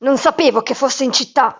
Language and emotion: Italian, angry